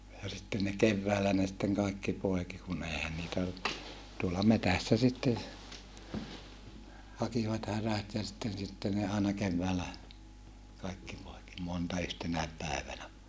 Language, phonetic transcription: Finnish, ja sitten ne kevväälä ne sitteŋ kaekki poeki kun ‿eihän niitä , tuola metässä sitten , hakivat härät ja sitten sitten ne aena kevväälä , kaikki poeki , monta yhtenäep pä̀evänä .
- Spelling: ja sitten ne keväällä ne sitten kaikki poiki kun eihän niitä tuolla metsässä sitten hakivat härät ja sitten sitten ne aina keväällä kaikki poiki monta yhtenäkin päivänä

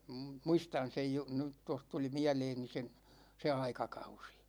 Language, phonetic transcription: Finnish, 'muistan sej ju- , ny , 'toh tuli 'miäleeni se , 'se 'aikakausI .
- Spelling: muistan sen - nyt tuossa tuli mieleeni se se aikakausi

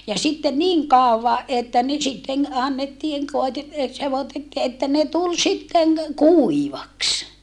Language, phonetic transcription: Finnish, ja sitte niŋ kàova ʼettä ne sitteŋ annnettiiŋ koite- , e sevotettii että ne tul sitteŋ , kuivaks .
- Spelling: ja sitten niin kauan että ne sitten annettiin - - sekoitettiin että ne tuli sitten kuivaksi

